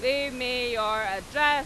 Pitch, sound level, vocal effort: 250 Hz, 102 dB SPL, very loud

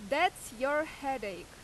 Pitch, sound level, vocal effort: 285 Hz, 92 dB SPL, very loud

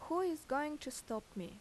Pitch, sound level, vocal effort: 265 Hz, 82 dB SPL, normal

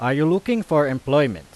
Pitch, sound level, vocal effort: 145 Hz, 93 dB SPL, very loud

